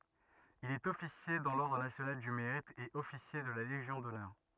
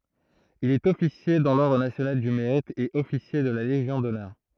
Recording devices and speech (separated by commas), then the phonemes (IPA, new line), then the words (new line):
rigid in-ear microphone, throat microphone, read sentence
il ɛt ɔfisje dɑ̃ lɔʁdʁ nasjonal dy meʁit e ɔfisje də la leʒjɔ̃ dɔnœʁ
Il est officier dans l’ordre national du Mérite et officier de la Légion d'honneur.